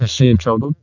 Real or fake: fake